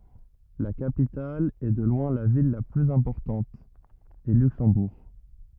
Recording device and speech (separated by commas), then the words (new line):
rigid in-ear microphone, read sentence
La capitale, et de loin la ville la plus importante, est Luxembourg.